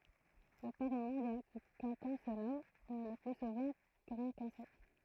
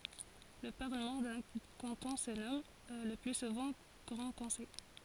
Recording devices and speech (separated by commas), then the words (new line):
throat microphone, forehead accelerometer, read sentence
Le Parlement d'un canton se nomme, le plus souvent, Grand Conseil.